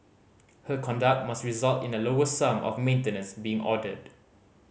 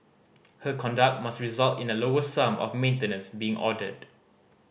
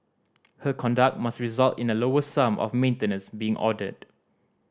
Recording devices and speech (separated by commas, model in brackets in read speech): mobile phone (Samsung C5010), boundary microphone (BM630), standing microphone (AKG C214), read sentence